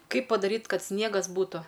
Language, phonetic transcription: Lithuanian, ˈkaip padaˈryt' ˈkad ˈsniegas ˈbūtu

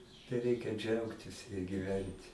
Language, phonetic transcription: Lithuanian, tai ˈreikia ˈdžiaugtis giˈvent'

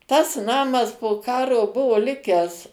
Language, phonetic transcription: Lithuanian, tas ˈnamas po ˈkaro ˈbuvo ˈlikęs

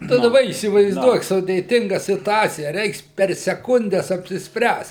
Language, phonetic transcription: Lithuanian, tai daˈba įsivaizˈduok sudėˈtinga situˈacija ˈreiks per seˈkundes apsisˈpręst

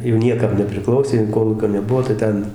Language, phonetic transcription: Lithuanian, jau ˈniekam nepriˈklausė jau ˈkolūkio neˈbuvo tai ˈten

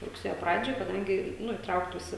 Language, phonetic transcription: Lithuanian, rugˈsėjo ˈpradžioj kaˈdangi ˈnu įˈtrauktųsi

